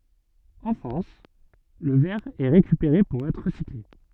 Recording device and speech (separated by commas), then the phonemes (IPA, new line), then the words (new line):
soft in-ear microphone, read sentence
ɑ̃ fʁɑ̃s lə vɛʁ ɛ ʁekypeʁe puʁ ɛtʁ ʁəsikle
En France, le verre est récupéré pour être recyclé.